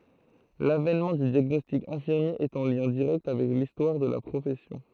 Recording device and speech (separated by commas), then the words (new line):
throat microphone, read sentence
L'avènement du diagnostic infirmier est en lien direct avec l'histoire de la profession.